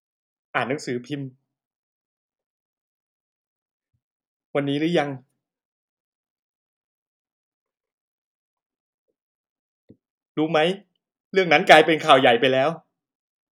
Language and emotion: Thai, sad